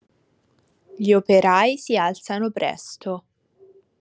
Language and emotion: Italian, neutral